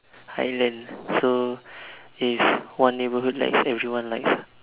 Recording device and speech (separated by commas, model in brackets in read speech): telephone, conversation in separate rooms